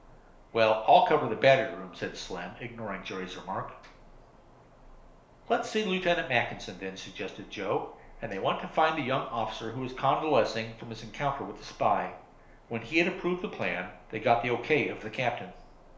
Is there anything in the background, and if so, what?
Nothing.